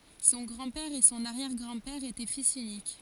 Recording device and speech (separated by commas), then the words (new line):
forehead accelerometer, read sentence
Son grand-père et son arrière-grand-père étaient fils uniques.